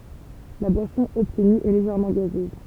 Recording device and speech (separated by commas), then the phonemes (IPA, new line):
temple vibration pickup, read sentence
la bwasɔ̃ ɔbtny ɛ leʒɛʁmɑ̃ ɡazøz